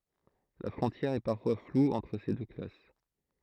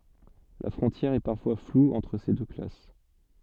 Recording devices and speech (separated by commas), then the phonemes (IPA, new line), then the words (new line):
throat microphone, soft in-ear microphone, read sentence
la fʁɔ̃tjɛʁ ɛ paʁfwa flu ɑ̃tʁ se dø klas
La frontière est parfois floue entre ces deux classes.